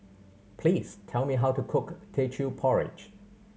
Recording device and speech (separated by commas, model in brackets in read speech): mobile phone (Samsung C7100), read sentence